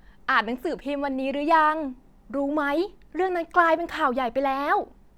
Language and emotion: Thai, neutral